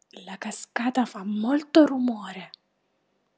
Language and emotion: Italian, surprised